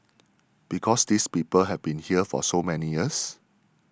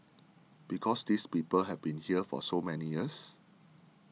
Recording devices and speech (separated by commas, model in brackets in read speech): standing microphone (AKG C214), mobile phone (iPhone 6), read sentence